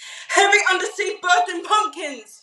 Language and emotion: English, fearful